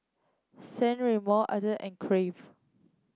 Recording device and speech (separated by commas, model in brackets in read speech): close-talking microphone (WH30), read sentence